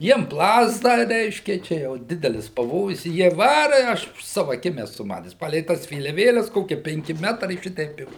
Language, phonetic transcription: Lithuanian, ˈjiem ˈplazda ˈreiškia ˈčia jau ˈdidelis paˈvojus i ˈjie ˈvara i ˈaš aš ˈsavu aˈkim eˈsu ˈmates ˈpalei ˈtas vėliaˈvėles ˈkokie penˈki ˈmetrai šiˈteip i

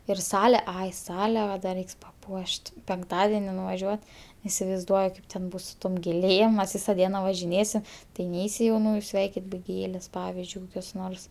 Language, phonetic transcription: Lithuanian, ir ˈsale ˈai ˈsale ˈva da ˈreiks paˈpuoš't' penkˈtadeni nuvaˈžiuot isivaizˈduoju ˈkaip ten ˈbus su ˈtom gėˈlėm mes ˈvysa ˈdiena važiˈnėsim tai ˈneisi jauˈnųju ˈsveikit be ˈgėlės ˈpavizdžiui kokios ˈnors

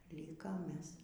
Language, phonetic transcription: Lithuanian, ˈlykom ˈmes

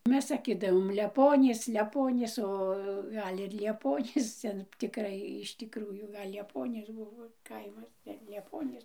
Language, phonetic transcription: Lithuanian, ˈmes saˈkidavom leˈponys leˈponys o ˈgal' ir lieˈponys ˈten tikˈrai iš tikˈrųjų ˈgal' lieˈponys ˈbuvo ˈkaimas gal' lieˈponys

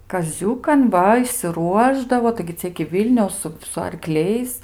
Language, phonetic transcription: Lithuanian, kaˈziūkan ˈva išsiˈruošdavo taigi ˈcia iki ˈvylniaus ˈsu su arˈkliais

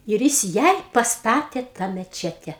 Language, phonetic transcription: Lithuanian, ir ˈjis ˈjai pasˈtatė tą meˈčete

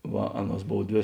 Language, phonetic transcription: Lithuanian, ˈva ˈaˌnuos ˈbov ˈdvė

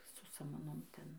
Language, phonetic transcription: Lithuanian, su samaˈnom ˈten

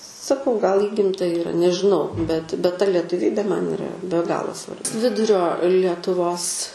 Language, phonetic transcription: Lithuanian, saˈkau gal ˈįgimta yˈra nežiˈnau bet bet ta letuˈvybė man yˈra be ˈgalo svar ˈvidurio lietuˈvos

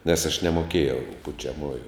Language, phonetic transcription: Lithuanian, nes aš nemoˈkėjau pučiaˈmųju

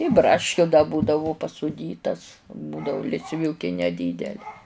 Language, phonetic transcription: Lithuanian, i ˈbraškiu da ˈbūdavu pasuˈdytas ˈbūdavu lisˈviūki neˈdydeli

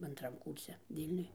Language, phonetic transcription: Lithuanian, anˈtram ˈkūrse ˈvylniuj

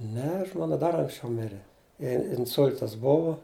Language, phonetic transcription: Lithuanian, ˈne ˈžmona ˈdar anksˈčiau ˈmire ˈjai inˈsul'tas ˈbuvo

